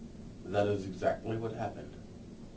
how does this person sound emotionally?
neutral